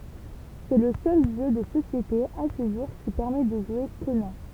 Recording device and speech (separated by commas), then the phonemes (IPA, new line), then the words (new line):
temple vibration pickup, read sentence
sɛ lə sœl ʒø də sosjete a sə ʒuʁ ki pɛʁmɛ də ʒwe konɑ̃
C'est le seul jeu de société, à ce jour, qui permet de jouer Conan.